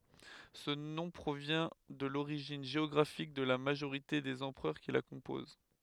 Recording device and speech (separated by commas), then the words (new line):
headset microphone, read sentence
Ce nom provient de l'origine géographique de la majorité des empereurs qui la composent.